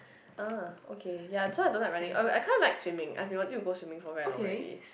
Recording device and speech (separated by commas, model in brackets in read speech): boundary microphone, conversation in the same room